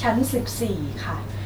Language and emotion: Thai, neutral